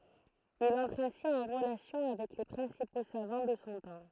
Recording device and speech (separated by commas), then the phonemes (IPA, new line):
throat microphone, read sentence
il ɑ̃tʁ ɛ̃si ɑ̃ ʁəlasjɔ̃ avɛk le pʁɛ̃sipo savɑ̃ də sɔ̃ tɑ̃